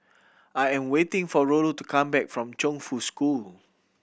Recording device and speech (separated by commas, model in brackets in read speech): boundary microphone (BM630), read sentence